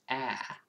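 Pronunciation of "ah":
This 'ah' vowel is said the American way. It goes really wide, not the fairly thin British version.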